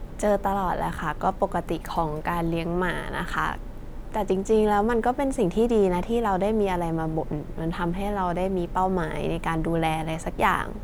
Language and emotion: Thai, neutral